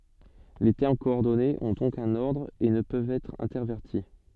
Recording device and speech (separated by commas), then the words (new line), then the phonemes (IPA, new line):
soft in-ear microphone, read sentence
Les termes coordonnés ont donc un ordre et ne peuvent être intervertis.
le tɛʁm kɔɔʁdɔnez ɔ̃ dɔ̃k œ̃n ɔʁdʁ e nə pøvt ɛtʁ ɛ̃tɛʁvɛʁti